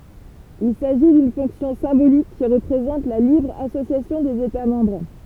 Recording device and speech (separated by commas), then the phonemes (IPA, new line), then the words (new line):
temple vibration pickup, read sentence
il saʒi dyn fɔ̃ksjɔ̃ sɛ̃bolik ki ʁəpʁezɑ̃t la libʁ asosjasjɔ̃ dez eta mɑ̃bʁ
Il s'agit d'une fonction symbolique qui représente la libre association des États membres.